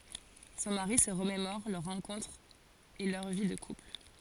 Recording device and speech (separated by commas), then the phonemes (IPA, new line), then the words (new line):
forehead accelerometer, read sentence
sɔ̃ maʁi sə ʁəmemɔʁ lœʁ ʁɑ̃kɔ̃tʁ e lœʁ vi də kupl
Son mari se remémore leur rencontre et leur vie de couple.